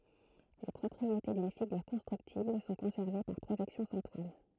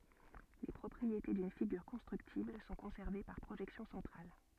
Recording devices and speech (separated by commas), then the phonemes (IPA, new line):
throat microphone, soft in-ear microphone, read sentence
le pʁɔpʁiete dyn fiɡyʁ kɔ̃stʁyktibl sɔ̃ kɔ̃sɛʁve paʁ pʁoʒɛksjɔ̃ sɑ̃tʁal